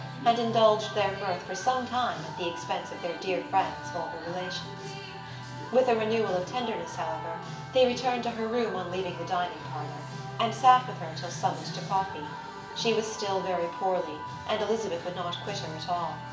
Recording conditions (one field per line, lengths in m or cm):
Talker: one person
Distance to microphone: 1.8 m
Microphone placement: close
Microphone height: 1.0 m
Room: large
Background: music